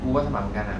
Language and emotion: Thai, frustrated